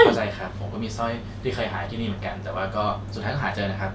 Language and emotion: Thai, neutral